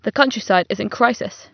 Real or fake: real